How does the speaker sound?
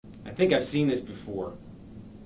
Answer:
neutral